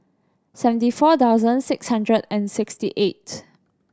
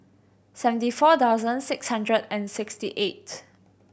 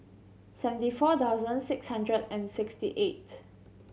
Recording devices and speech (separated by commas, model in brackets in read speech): standing microphone (AKG C214), boundary microphone (BM630), mobile phone (Samsung C7100), read sentence